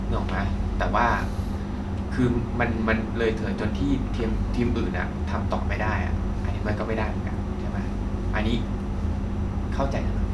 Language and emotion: Thai, frustrated